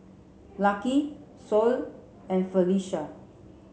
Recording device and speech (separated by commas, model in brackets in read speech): mobile phone (Samsung C7), read sentence